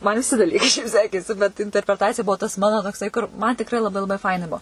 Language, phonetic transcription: Lithuanian, man viˈsi daˈlykai šiaip ˈsekėsi bet interpreˈtacija ˈbuo tas ˈmano tokˈsai kur ˈman tikˈrai laˈbai laˈbai ˈfaina ˈbuo

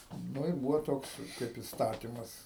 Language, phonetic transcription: Lithuanian, nu ir ˈbūvo ˈtoks kaip istaˈtymas

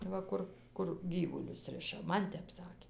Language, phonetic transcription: Lithuanian, ˈva ˈkur ˈkur ˈgyvulius ˈriša ˈman ˈtep ˈsakė

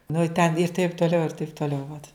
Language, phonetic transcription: Lithuanian, nu i ten ir taip tuoˈliau ir taip tuoˈliau vat

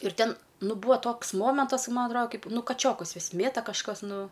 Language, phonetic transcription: Lithuanian, ir ˈten ˈnu ˈbūa ˈtoks momentas ka ˈma atˈroda ˈkaip ˈnu kaˈčiokus ˈvis ˈmėta kažˈkas ˈnu

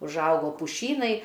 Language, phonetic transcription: Lithuanian, užˈaugo puˈšynai

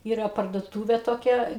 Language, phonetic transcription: Lithuanian, ˈyra parduoˈtūvė toˈkia

